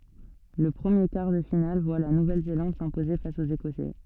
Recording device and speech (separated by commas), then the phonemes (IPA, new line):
soft in-ear microphone, read sentence
lə pʁəmje kaʁ də final vwa la nuvɛl zelɑ̃d sɛ̃poze fas oz ekɔsɛ